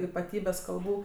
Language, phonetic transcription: Lithuanian, ypaˈtybes kalˈbų

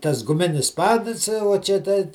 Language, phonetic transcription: Lithuanian, tas guˈminis ˈpadɨs uo čia ˈtai

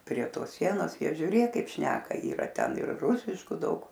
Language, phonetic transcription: Lithuanian, prie ˈtos ˈsienos ˈjie žiuˈrėk ˈkaip ˈšneka yˈra ˈten ir ˈrūsiškų ˈdaug

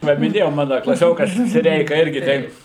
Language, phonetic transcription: Lithuanian, ˈva miˈnėjau ˈmana klaˈsiokas siˈreika ˈirgi ˈteip

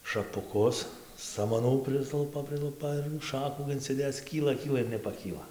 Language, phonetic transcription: Lithuanian, šapuˈkus samaˈnų ˈprislupa ˈprilupa ir ˈšakų inciˈdėc ˈkyla ˈkyla ir nepaˈkyla

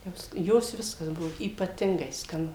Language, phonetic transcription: Lithuanian, ˈjos ˈjos ˈviskas ˈbuvo ypaˈtingai skaˈnu

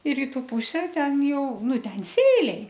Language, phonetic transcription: Lithuanian, i ˈrytu ˈpuse ˈten ˈjau ˈnu ˈten ˈsėliai

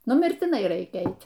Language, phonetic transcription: Lithuanian, nu mirtiˈnai ˈraikia ˈeit'

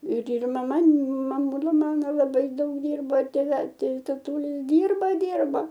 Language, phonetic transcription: Lithuanian, ir ir maˈma maˈmūla ˈmano laˈbai ˈdaug ˈdyrbo ir tėˈvel ˈtai tatūˈli ˈdyrba ˈdyrba

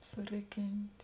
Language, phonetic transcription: Lithuanian, suˈriˌkint'

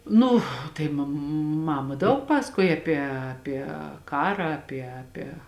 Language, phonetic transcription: Lithuanian, ˈnu ˈtai mam ˈmama ˈdaug ˈpasakuoj aˈpie aˈpie ˈkarą aˈpie aˈpie

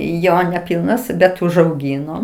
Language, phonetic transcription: Lithuanian, ˈjo neˈpilnas bet užauˈgyno

